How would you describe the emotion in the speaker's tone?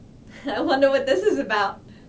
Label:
happy